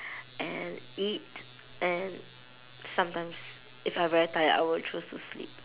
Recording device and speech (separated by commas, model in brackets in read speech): telephone, conversation in separate rooms